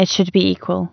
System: none